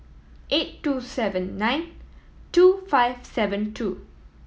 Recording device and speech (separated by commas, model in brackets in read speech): mobile phone (iPhone 7), read sentence